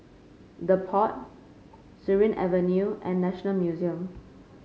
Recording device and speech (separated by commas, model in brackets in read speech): mobile phone (Samsung C5), read sentence